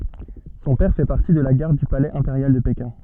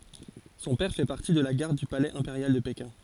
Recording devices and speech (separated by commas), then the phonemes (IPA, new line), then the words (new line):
soft in-ear microphone, forehead accelerometer, read sentence
sɔ̃ pɛʁ fɛ paʁti də la ɡaʁd dy palɛz ɛ̃peʁjal də pekɛ̃
Son père fait partie de la garde du palais impérial de Pékin.